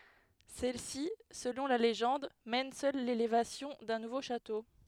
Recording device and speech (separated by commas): headset microphone, read sentence